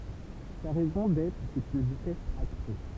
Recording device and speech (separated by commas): temple vibration pickup, read sentence